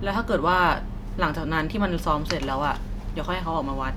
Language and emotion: Thai, neutral